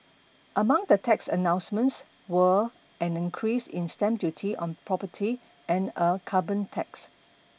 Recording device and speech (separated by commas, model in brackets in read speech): boundary microphone (BM630), read sentence